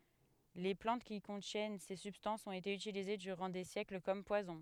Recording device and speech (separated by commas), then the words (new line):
headset microphone, read sentence
Les plantes qui contiennent ces substances ont été utilisées durant des siècles comme poisons.